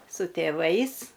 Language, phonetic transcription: Lithuanian, su tėˈvais

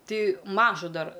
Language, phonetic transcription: Lithuanian, ˈtai ˈmažu ˈdar

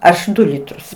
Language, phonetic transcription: Lithuanian, ˈaš ˈdu ˈlitrus

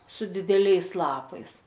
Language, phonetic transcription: Lithuanian, su dideˈliais ˈlapais

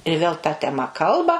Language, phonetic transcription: Lithuanian, ir vėl ta teˈma ˈkalba

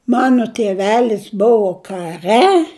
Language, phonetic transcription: Lithuanian, ˈmano tieˈvelis ˈbuvo kaˈre

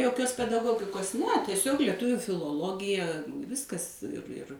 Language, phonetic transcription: Lithuanian, joˈkios pedaˈgogikos ne tieˈsiog lieˈtuviu filoˈlogija ˈviskas ir ir

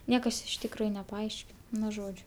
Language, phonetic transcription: Lithuanian, ˈniekas iš tikˈrųju nepaˈaiškin ˈnu ˈžodžiu

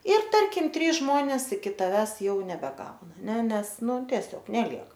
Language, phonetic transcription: Lithuanian, ir ˈtarkim ˈtrys ˈžmonės iki taˈvęs ˈjau nebeˈgauna ˈne ˈnes ˈnu tieˈsiog neˈliek

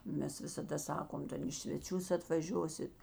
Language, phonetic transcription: Lithuanian, ˈmes visaˈda ˈsakom ˈten į sveˈčius atvaˈžiosit

